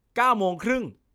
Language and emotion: Thai, angry